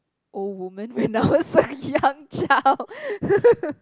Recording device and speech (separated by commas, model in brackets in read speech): close-talking microphone, conversation in the same room